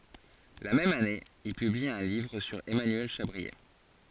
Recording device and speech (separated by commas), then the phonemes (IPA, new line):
forehead accelerometer, read sentence
la mɛm ane il pybli œ̃ livʁ syʁ ɛmanyɛl ʃabʁie